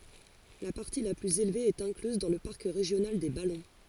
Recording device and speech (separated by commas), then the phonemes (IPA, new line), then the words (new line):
forehead accelerometer, read sentence
la paʁti la plyz elve ɛt ɛ̃klyz dɑ̃ lə paʁk ʁeʒjonal de balɔ̃
La partie la plus élevée est incluse dans le parc régional des Ballons.